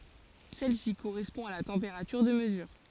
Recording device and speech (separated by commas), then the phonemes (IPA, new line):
forehead accelerometer, read sentence
sɛl si koʁɛspɔ̃ a la tɑ̃peʁatyʁ də məzyʁ